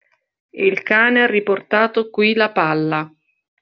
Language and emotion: Italian, neutral